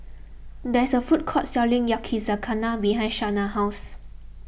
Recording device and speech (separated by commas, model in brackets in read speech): boundary microphone (BM630), read sentence